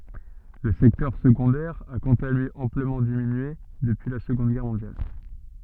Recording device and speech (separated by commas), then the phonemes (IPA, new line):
soft in-ear microphone, read sentence
lə sɛktœʁ səɡɔ̃dɛʁ a kɑ̃t a lyi ɑ̃pləmɑ̃ diminye dəpyi la səɡɔ̃d ɡɛʁ mɔ̃djal